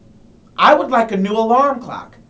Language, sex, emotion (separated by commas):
English, male, angry